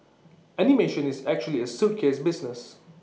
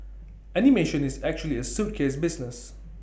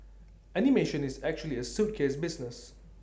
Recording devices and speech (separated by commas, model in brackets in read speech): mobile phone (iPhone 6), boundary microphone (BM630), standing microphone (AKG C214), read sentence